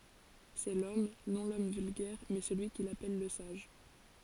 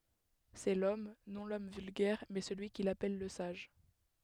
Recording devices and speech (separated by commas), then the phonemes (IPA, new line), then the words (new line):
forehead accelerometer, headset microphone, read sentence
sɛ lɔm nɔ̃ lɔm vylɡɛʁ mɛ səlyi kil apɛl lə saʒ
C'est l'homme, non l'homme vulgaire, mais celui qu'il appelle le sage.